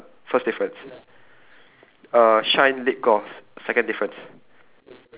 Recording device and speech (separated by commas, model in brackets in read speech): telephone, conversation in separate rooms